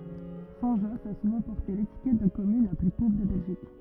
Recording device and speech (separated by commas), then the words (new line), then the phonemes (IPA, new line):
rigid in-ear microphone, read sentence
Saint-Josse a souvent porté l'étiquette de commune la plus pauvre de Belgique.
sɛ̃tʒɔs a suvɑ̃ pɔʁte letikɛt də kɔmyn la ply povʁ də bɛlʒik